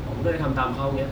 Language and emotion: Thai, frustrated